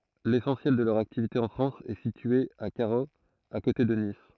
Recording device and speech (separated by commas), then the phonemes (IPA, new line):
throat microphone, read sentence
lesɑ̃sjɛl də lœʁ aktivite ɑ̃ fʁɑ̃s ɛ sitye a kaʁoz a kote də nis